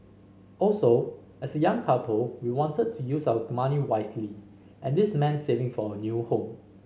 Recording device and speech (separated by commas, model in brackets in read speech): mobile phone (Samsung C5010), read sentence